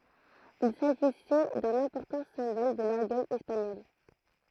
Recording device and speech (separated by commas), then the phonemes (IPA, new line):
throat microphone, read sentence
il saʒisɛ dœ̃n ɛ̃pɔʁtɑ̃ sɛ̃bɔl də lɔʁɡœj ɛspaɲɔl